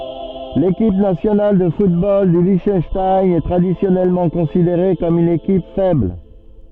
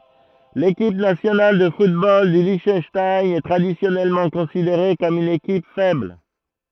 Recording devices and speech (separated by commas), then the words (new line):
soft in-ear microphone, throat microphone, read sentence
L'équipe nationale de football du Liechtenstein est traditionnellement considérée comme une équipe faible.